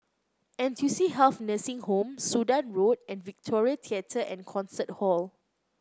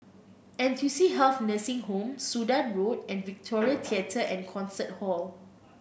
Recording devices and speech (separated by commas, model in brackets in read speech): close-talking microphone (WH30), boundary microphone (BM630), read sentence